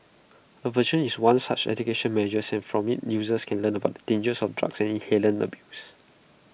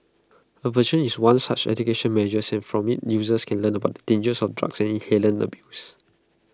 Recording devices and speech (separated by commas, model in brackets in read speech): boundary microphone (BM630), close-talking microphone (WH20), read sentence